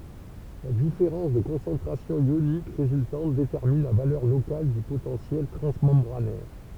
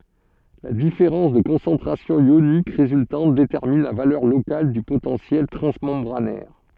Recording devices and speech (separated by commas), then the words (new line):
temple vibration pickup, soft in-ear microphone, read sentence
La différence de concentration ionique résultante détermine la valeur locale du potentiel transmembranaire.